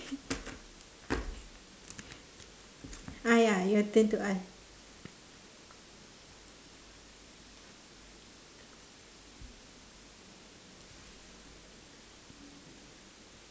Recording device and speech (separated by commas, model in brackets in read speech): standing microphone, conversation in separate rooms